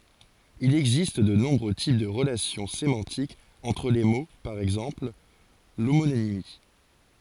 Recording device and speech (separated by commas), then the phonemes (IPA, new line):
forehead accelerometer, read sentence
il ɛɡzist də nɔ̃bʁø tip də ʁəlasjɔ̃ semɑ̃tikz ɑ̃tʁ le mo paʁ ɛɡzɑ̃pl lomonimi